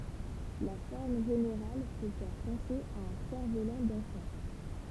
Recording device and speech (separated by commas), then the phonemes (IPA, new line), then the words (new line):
temple vibration pickup, read sentence
la fɔʁm ʒeneʁal pø fɛʁ pɑ̃se a œ̃ sɛʁfvolɑ̃ dɑ̃fɑ̃
La forme générale peut faire penser à un cerf-volant d'enfant.